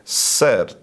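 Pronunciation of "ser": This is an incorrect pronunciation of 'shirt': it starts with an s sound instead of the sh sound.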